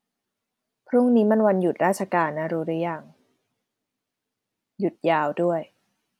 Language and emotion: Thai, neutral